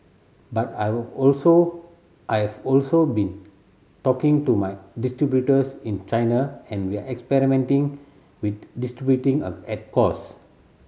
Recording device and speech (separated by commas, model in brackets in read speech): mobile phone (Samsung C7100), read sentence